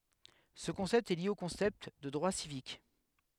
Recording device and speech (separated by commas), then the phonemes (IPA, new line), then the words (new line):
headset microphone, read sentence
sə kɔ̃sɛpt ɛ lje o kɔ̃sɛpt də dʁwa sivik
Ce concept est lié au concept de droits civiques.